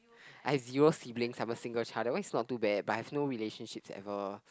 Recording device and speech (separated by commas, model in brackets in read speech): close-talking microphone, conversation in the same room